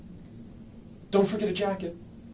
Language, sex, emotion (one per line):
English
male
fearful